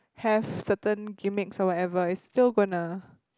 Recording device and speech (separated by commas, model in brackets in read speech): close-talking microphone, conversation in the same room